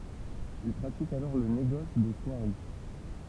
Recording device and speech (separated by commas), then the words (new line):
temple vibration pickup, read sentence
Il pratique alors le négoce de soieries.